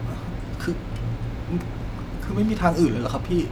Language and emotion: Thai, frustrated